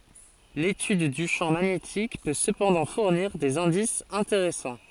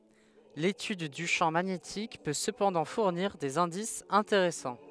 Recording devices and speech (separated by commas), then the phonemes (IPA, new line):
forehead accelerometer, headset microphone, read sentence
letyd dy ʃɑ̃ maɲetik pø səpɑ̃dɑ̃ fuʁniʁ dez ɛ̃disz ɛ̃teʁɛsɑ̃